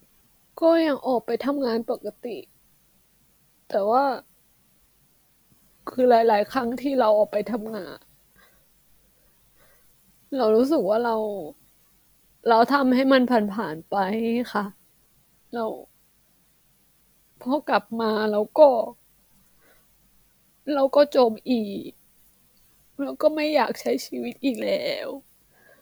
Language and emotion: Thai, sad